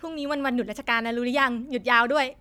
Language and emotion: Thai, happy